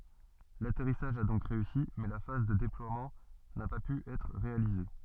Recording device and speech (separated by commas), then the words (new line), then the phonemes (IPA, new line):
soft in-ear microphone, read sentence
L'atterrissage a donc réussi, mais la phase de déploiement n'a pas pu être réalisée.
latɛʁisaʒ a dɔ̃k ʁeysi mɛ la faz də deplwamɑ̃ na pa py ɛtʁ ʁealize